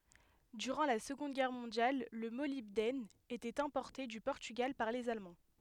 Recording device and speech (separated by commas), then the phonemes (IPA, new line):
headset microphone, read sentence
dyʁɑ̃ la səɡɔ̃d ɡɛʁ mɔ̃djal lə molibdɛn etɛt ɛ̃pɔʁte dy pɔʁtyɡal paʁ lez almɑ̃